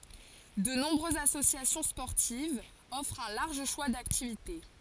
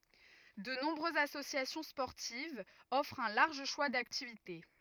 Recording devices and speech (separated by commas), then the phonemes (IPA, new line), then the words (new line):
forehead accelerometer, rigid in-ear microphone, read sentence
də nɔ̃bʁøzz asosjasjɔ̃ spɔʁtivz ɔfʁt œ̃ laʁʒ ʃwa daktivite
De nombreuses associations sportives offrent un large choix d'activités.